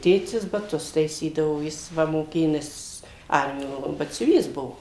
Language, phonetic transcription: Lithuanian, ˈtėtis baˈtus taiˈsydavo ˈjis ˈva moˈkėjo ˈnes ˈarmijo batsiuˈvys ˈbuvo

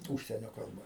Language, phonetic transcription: Lithuanian, ˈūžsienio kalˈba

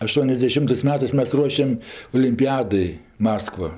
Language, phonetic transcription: Lithuanian, aˌštuoniasdeˈšimtɜs ˈmetɜs ˈmes ˈruošem olimˈpijadai ˈmaskva

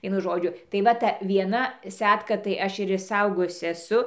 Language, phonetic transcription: Lithuanian, ˈvienu ˈžodžiu tai ˈva ta vieˈna ˈsetka tai ˈaš ir išˈsaugojusi eˈsu

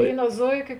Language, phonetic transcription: Lithuanian, ˈvėino ˈzoiˌkio

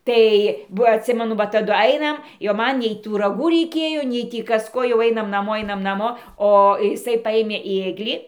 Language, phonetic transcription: Lithuanian, ˈtai ˈva atˈsimenu va taˈdu ˈainam jau ˈman nei ˈtų raˈgų reiˈkėjo nei ˈtį ˈkas ˈko jau ˈainam naˈmo ˈainam naˈmo o iˈsai ˈpajėmė ˈėglį

